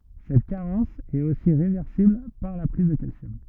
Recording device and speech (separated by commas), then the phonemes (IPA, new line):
rigid in-ear microphone, read sentence
sɛt kaʁɑ̃s ɛt osi ʁevɛʁsibl paʁ la pʁiz də kalsjɔm